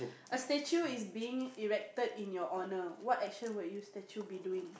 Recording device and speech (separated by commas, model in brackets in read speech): boundary microphone, conversation in the same room